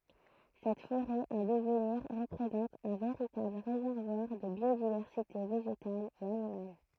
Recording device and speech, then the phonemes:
throat microphone, read sentence
sɛt foʁɛ ɑ̃ dəvniʁ ʁəpʁezɑ̃t œ̃ veʁitabl ʁezɛʁvwaʁ də bjodivɛʁsite veʒetal e animal

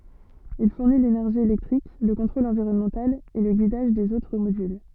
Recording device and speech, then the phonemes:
soft in-ear microphone, read sentence
il fuʁni lenɛʁʒi elɛktʁik lə kɔ̃tʁol ɑ̃viʁɔnmɑ̃tal e lə ɡidaʒ dez otʁ modyl

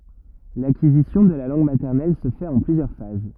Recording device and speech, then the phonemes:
rigid in-ear microphone, read sentence
lakizisjɔ̃ də la lɑ̃ɡ matɛʁnɛl sə fɛt ɑ̃ plyzjœʁ faz

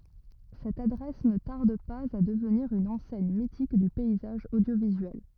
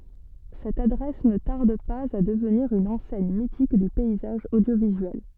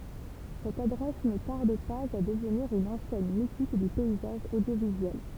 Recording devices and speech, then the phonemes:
rigid in-ear microphone, soft in-ear microphone, temple vibration pickup, read sentence
sɛt adʁɛs nə taʁd paz a dəvniʁ yn ɑ̃sɛɲ mitik dy pɛizaʒ odjovizyɛl

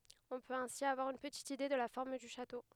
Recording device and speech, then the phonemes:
headset microphone, read sentence
ɔ̃ pøt ɛ̃si avwaʁ yn pətit ide də la fɔʁm dy ʃato

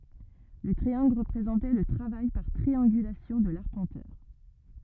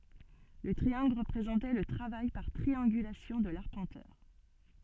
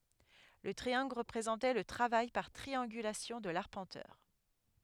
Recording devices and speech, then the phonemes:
rigid in-ear microphone, soft in-ear microphone, headset microphone, read sentence
lə tʁiɑ̃ɡl ʁəpʁezɑ̃tɛ lə tʁavaj paʁ tʁiɑ̃ɡylasjɔ̃ də laʁpɑ̃tœʁ

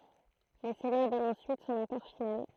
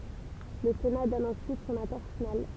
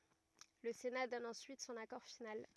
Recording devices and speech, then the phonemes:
throat microphone, temple vibration pickup, rigid in-ear microphone, read sentence
lə sena dɔn ɑ̃syit sɔ̃n akɔʁ final

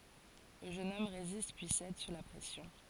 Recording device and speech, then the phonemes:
forehead accelerometer, read sentence
lə ʒøn ɔm ʁezist pyi sɛd su la pʁɛsjɔ̃

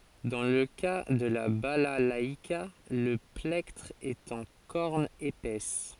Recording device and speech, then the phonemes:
forehead accelerometer, read sentence
dɑ̃ lə ka də la balalaika lə plɛktʁ ɛt ɑ̃ kɔʁn epɛs

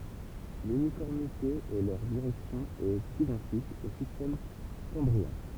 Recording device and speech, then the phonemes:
temple vibration pickup, read sentence
lynifɔʁmite e lœʁ diʁɛksjɔ̃ ɛt idɑ̃tik o sistɛm kɑ̃bʁiɛ̃

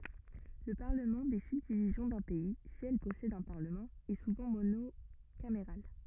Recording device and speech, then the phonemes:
rigid in-ear microphone, read sentence
lə paʁləmɑ̃ de sybdivizjɔ̃ dœ̃ pɛi si ɛl pɔsɛdt œ̃ paʁləmɑ̃ ɛ suvɑ̃ monokameʁal

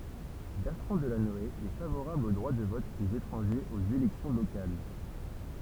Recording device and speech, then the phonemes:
temple vibration pickup, read sentence
bɛʁtʁɑ̃ dəlanɔe ɛ favoʁabl o dʁwa də vɔt dez etʁɑ̃ʒez oz elɛksjɔ̃ lokal

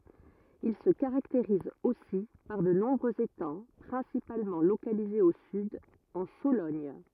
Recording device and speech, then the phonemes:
rigid in-ear microphone, read sentence
il sə kaʁakteʁiz osi paʁ də nɔ̃bʁøz etɑ̃ pʁɛ̃sipalmɑ̃ lokalizez o syd ɑ̃ solɔɲ

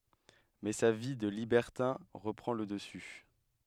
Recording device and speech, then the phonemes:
headset microphone, read sentence
mɛ sa vi də libɛʁtɛ̃ ʁəpʁɑ̃ lə dəsy

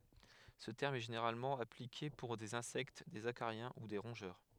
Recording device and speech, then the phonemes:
headset microphone, read sentence
sə tɛʁm ɛ ʒeneʁalmɑ̃ aplike puʁ dez ɛ̃sɛkt dez akaʁjɛ̃ u de ʁɔ̃ʒœʁ

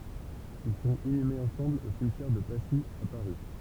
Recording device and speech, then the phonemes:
temple vibration pickup, read sentence
il sɔ̃t inymez ɑ̃sɑ̃bl o simtjɛʁ də pasi a paʁi

